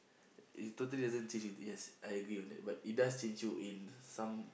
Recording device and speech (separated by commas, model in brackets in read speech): boundary microphone, conversation in the same room